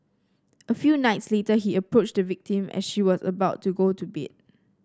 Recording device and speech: standing microphone (AKG C214), read sentence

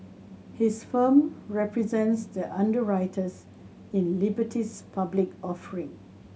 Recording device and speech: mobile phone (Samsung C7100), read sentence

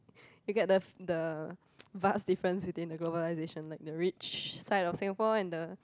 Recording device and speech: close-talking microphone, conversation in the same room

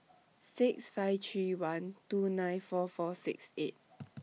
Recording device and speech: mobile phone (iPhone 6), read sentence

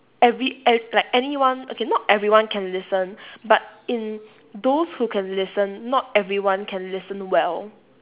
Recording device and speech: telephone, conversation in separate rooms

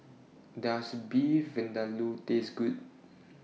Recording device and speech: mobile phone (iPhone 6), read sentence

